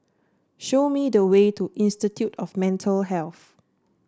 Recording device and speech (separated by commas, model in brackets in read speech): standing microphone (AKG C214), read sentence